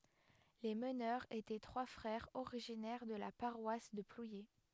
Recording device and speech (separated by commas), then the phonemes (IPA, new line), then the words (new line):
headset microphone, read sentence
le mənœʁz etɛ tʁwa fʁɛʁz oʁiʒinɛʁ də la paʁwas də plwje
Les meneurs étaient trois frères originaires de la paroisse de Plouyé.